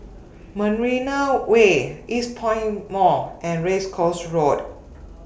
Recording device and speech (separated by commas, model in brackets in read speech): boundary microphone (BM630), read sentence